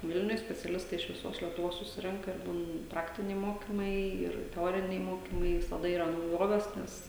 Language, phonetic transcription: Lithuanian, ˈvilniuj speciaˈlistai iš viˈsos lietuˈvos suˈsirenka ir būn ˈpraktiniai ˈmokimai ˈir teˈoriniai ˈmokimai visaˈda yˈra nauˈjovės ˈnes

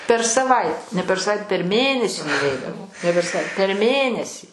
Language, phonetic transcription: Lithuanian, per saˈvait ne per saˈvait per ˈmėnesį nuˈveidavo ne per saˈvai per ˈmėnesį

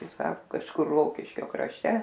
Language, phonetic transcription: Lithuanian, ˈtai ˈsaku kažˈkur ˈrokiškio krašˈte

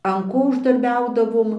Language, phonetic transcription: Lithuanian, an ˈko uždarˈbiaudavom

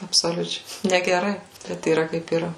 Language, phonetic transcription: Lithuanian, absoˈliučiai negeˈrai bet yˈra kaip yˈra

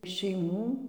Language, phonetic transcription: Lithuanian, šeiˈmų

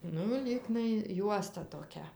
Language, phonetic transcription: Lithuanian, ˈnu ˈlygnai ˈjuosta toˈkia

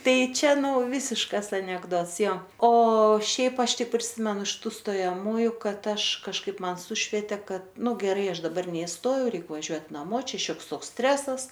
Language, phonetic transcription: Lithuanian, ˈtai ˈčia ˈnu ˈvisiškas anekˈdots ˈjo o ˈšiaip ˈaš ˈtik priˈsimenu iš ˈtų stojaˈmųju ˈkad ˈaš kažˈkaip ˈman ˈsušviete ˈkad ˈnu geˈrai ˈaš daˈbar neisˈtojau ˈreik vaˈžiuot' naˈmo ˈčia ˈšioks ˈtoks ˈstresas

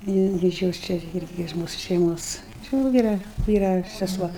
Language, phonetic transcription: Lithuanian, ji ˈirgi iš ˈjos ˈčia ˈirgi iš ˈmūsu šeiˈmos či va ˈvyra ˈvyra seˈsuo

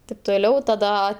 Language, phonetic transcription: Lithuanian, tip toˈliau taˈda

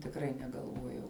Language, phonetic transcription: Lithuanian, tikˈrai negalˈvuojau

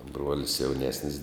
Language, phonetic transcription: Lithuanian, ˈbruolis jauˈnesnis

